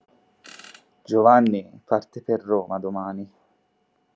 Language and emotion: Italian, sad